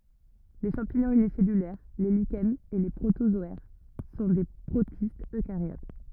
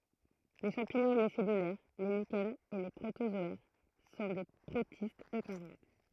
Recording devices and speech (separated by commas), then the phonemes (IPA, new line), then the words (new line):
rigid in-ear microphone, throat microphone, read sentence
le ʃɑ̃piɲɔ̃z ynisɛlylɛʁ le liʃɛnz e le pʁotozɔɛʁ sɔ̃ de pʁotistz økaʁjot
Les champignons unicellulaires, les lichens et les protozoaires sont des protistes eucaryotes.